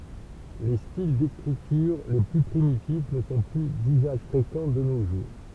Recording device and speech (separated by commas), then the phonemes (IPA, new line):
temple vibration pickup, read sentence
le stil dekʁityʁ le ply pʁimitif nə sɔ̃ ply dyzaʒ fʁekɑ̃ də no ʒuʁ